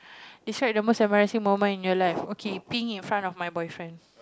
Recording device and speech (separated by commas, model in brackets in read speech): close-talking microphone, conversation in the same room